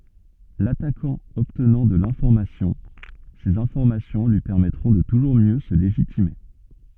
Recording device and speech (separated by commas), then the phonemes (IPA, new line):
soft in-ear microphone, read sentence
latakɑ̃ ɔbtnɑ̃ də lɛ̃fɔʁmasjɔ̃ sez ɛ̃fɔʁmasjɔ̃ lyi pɛʁmɛtʁɔ̃ də tuʒuʁ mjø sə leʒitime